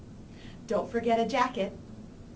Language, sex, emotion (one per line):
English
female
neutral